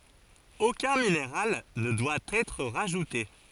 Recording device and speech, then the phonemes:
forehead accelerometer, read sentence
okœ̃ mineʁal nə dwa ɛtʁ ʁaʒute

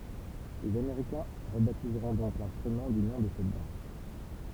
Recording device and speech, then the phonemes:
temple vibration pickup, read sentence
lez ameʁikɛ̃ ʁəbatizʁɔ̃ dɔ̃k lɛ̃stʁymɑ̃ dy nɔ̃ də sɛt dɑ̃s

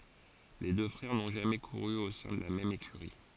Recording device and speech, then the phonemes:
forehead accelerometer, read sentence
le dø fʁɛʁ nɔ̃ ʒamɛ kuʁy o sɛ̃ də la mɛm ekyʁi

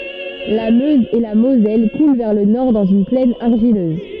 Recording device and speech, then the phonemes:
soft in-ear microphone, read sentence
la møz e la mozɛl kulɑ̃ vɛʁ lə nɔʁ dɑ̃z yn plɛn aʁʒiløz

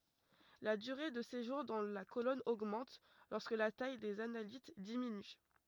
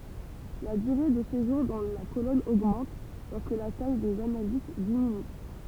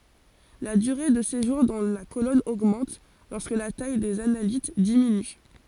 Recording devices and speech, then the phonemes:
rigid in-ear microphone, temple vibration pickup, forehead accelerometer, read sentence
la dyʁe də seʒuʁ dɑ̃ la kolɔn oɡmɑ̃t lɔʁskə la taj dez analit diminy

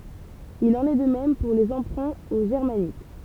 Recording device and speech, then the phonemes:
temple vibration pickup, read sentence
il ɑ̃n ɛ də mɛm puʁ le ɑ̃pʁɛ̃ o ʒɛʁmanik

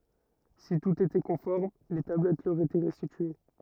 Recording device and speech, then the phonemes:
rigid in-ear microphone, read sentence
si tut etɛ kɔ̃fɔʁm le tablɛt lœʁ etɛ ʁɛstitye

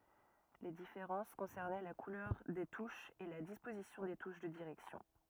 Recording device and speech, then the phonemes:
rigid in-ear microphone, read sentence
le difeʁɑ̃s kɔ̃sɛʁnɛ la kulœʁ de tuʃz e la dispozisjɔ̃ de tuʃ də diʁɛksjɔ̃

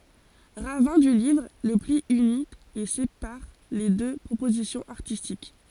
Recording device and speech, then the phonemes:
forehead accelerometer, read sentence
ʁavɛ̃ dy livʁ lə pli yni e sepaʁ le dø pʁopozisjɔ̃z aʁtistik

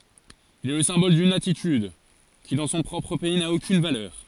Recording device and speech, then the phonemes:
forehead accelerometer, read sentence
il ɛ lə sɛ̃bɔl dyn atityd ki dɑ̃ sɔ̃ pʁɔpʁ pɛi na okyn valœʁ

